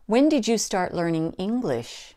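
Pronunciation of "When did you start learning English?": There is a slight emphasis on 'When', but the main stress is on 'English', and the last syllable drops to a lower pitch.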